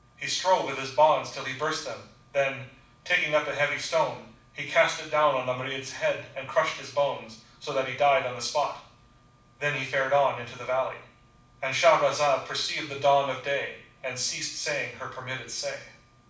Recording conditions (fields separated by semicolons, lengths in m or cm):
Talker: one person; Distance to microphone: 5.8 m; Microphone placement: far; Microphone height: 1.8 m; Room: medium-sized (5.7 m by 4.0 m); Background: none